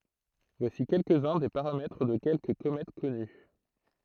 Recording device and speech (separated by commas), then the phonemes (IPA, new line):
throat microphone, read sentence
vwasi kɛlkəz œ̃ de paʁamɛtʁ də kɛlkə komɛt kɔny